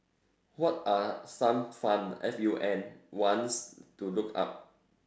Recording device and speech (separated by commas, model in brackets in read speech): standing microphone, conversation in separate rooms